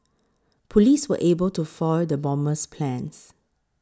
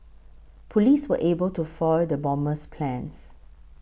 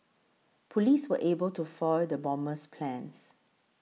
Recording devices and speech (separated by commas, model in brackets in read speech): close-talking microphone (WH20), boundary microphone (BM630), mobile phone (iPhone 6), read sentence